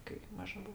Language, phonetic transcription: Lithuanian, kai ˈmaža ˈbuo

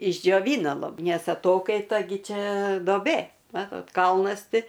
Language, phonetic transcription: Lithuanian, išdžioˈvyna lab ˈnes aˈtokaita ˈgi ˈčia doˈbė ˈmatot ˈkalnas ˈti

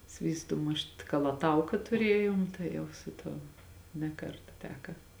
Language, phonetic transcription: Lithuanian, ˈsvystū ˈmušt kalaˈtauka tuˈrėjom tai ˈjau su ˈtuo ne ˈkarta ˈteka

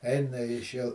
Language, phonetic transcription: Lithuanian, ˈeina iš jau

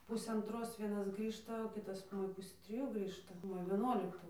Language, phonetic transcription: Lithuanian, ˈpusė anˈtros ˈvienas ˈgrįžta o ˈkitas ˈmoja ˈpusė triˈjų ˈgrįžta ˈmoja vieˈnuoliktu

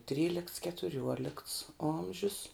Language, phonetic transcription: Lithuanian, ˈtrylikts ketuˈriuolikts ˈomžius

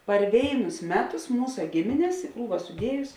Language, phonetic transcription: Lithuanian, par ˈvėinus ˈmeˌtus ˈmūsa ˈgimines i ˈkrūva suˈdiejus

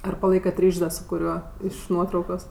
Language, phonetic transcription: Lithuanian, ˈar paˈlaikat ˈryš's' ˈda su kuˈriuo ˈiš ˈnuotraukos

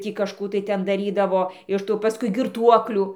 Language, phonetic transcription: Lithuanian, ˈtį kažˈkų tai ˈten daˈrydavo iš ˈtų paˈskui girˈtuoklių

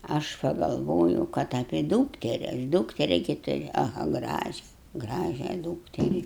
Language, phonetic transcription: Lithuanian, aš pagalˈvojau ˈkad apė ˈdūkteri aš ˈdūkteri gi tuˈriu aˈha ˈgražia ˈgražią ˈdūkteri

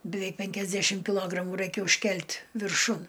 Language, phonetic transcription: Lithuanian, biˈveik ˈpenkiasdešim kiˈlogramu ˈraikia užˈkelt' virˈšun

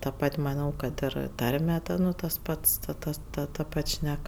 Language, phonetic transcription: Lithuanian, ta ˈpat' maˈnau kad ˈir ˈtarme ˈta nu tas ˈpats ta ˈtas ˈta ta ˈpat' ˈšnek

